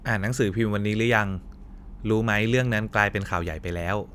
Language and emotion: Thai, neutral